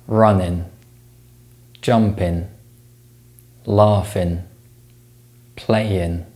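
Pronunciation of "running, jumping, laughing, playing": In 'running, jumping, laughing, playing', the ng sound in the unstressed last syllable of each word is replaced by an n sound.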